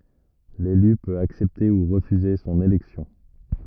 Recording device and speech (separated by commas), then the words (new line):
rigid in-ear microphone, read sentence
L'élu peut accepter ou refuser son élection.